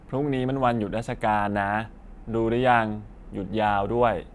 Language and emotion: Thai, neutral